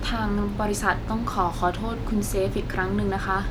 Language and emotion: Thai, sad